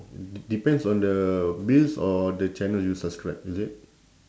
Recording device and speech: standing microphone, conversation in separate rooms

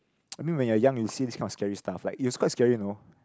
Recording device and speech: close-talking microphone, conversation in the same room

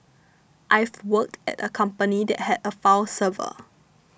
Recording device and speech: boundary microphone (BM630), read sentence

